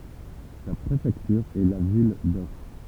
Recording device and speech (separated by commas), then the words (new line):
temple vibration pickup, read sentence
Sa préfecture est la ville d'Auch.